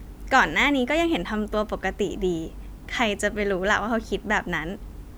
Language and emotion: Thai, happy